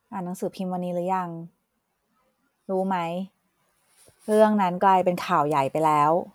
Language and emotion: Thai, neutral